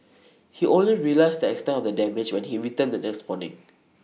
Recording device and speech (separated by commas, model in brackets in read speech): mobile phone (iPhone 6), read sentence